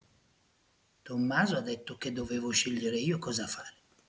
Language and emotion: Italian, neutral